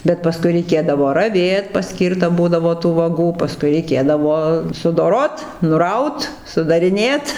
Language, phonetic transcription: Lithuanian, bet paˈskui reiˈkėdavo raˈvėt paˈskyrta ˈbūdavo tų vaˈgų paˈskui reiˈkėdavo sudoˈrot nuˈraut sudariˈnėt

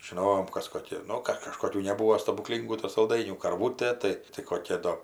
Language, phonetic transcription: Lithuanian, žiˈnojom ˈkas koˈki ˈnu kad kažkoˈkių neˈbūo stabuˈklyngų tu salˈdainių karˈvūtė ˈtai tai koˈkia ˈdo

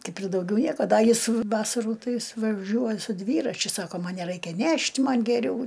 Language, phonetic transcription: Lithuanian, ˈkaip ir dauˈgiau ˈnieko ˈda ˈjis ˈvasarų ˈtai ˈjis vaˈžiuoj su ˈdvyračiu ˈsako ˈman neˈraikia ˈnešt' ˈman' geˈriau

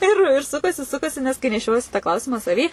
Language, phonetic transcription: Lithuanian, ir ir ˈsukasi ˈsukasi nes kai neˈšiojiesi tą ˈklausimą saˈvy

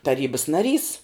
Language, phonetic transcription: Lithuanian, taˈrybas naˈrys

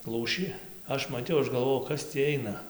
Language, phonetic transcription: Lithuanian, ˈlūšį ˈaš maˈtiau ˈaš galˈvojau ˈkas tį ˈaina

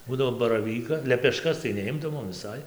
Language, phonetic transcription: Lithuanian, ˈbūdavo baraˈvyka lepeˈškas tai neˈimdavom viˈsai

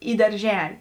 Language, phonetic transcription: Lithuanian, į darˈželi

